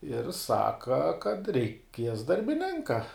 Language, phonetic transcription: Lithuanian, ir ˈsaka kad reiˈkies darbiˈninka

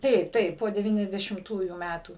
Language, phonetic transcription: Lithuanian, ˈtaip ˈtaip po deˌvyniasdešimˈtųjų ˈmætų

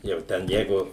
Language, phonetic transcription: Lithuanian, jau ˈten ˈjeigu

